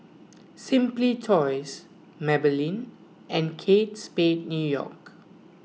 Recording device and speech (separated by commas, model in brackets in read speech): mobile phone (iPhone 6), read sentence